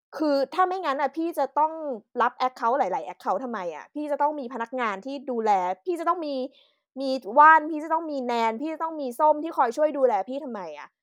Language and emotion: Thai, frustrated